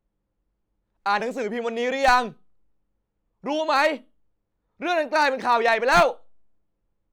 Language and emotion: Thai, angry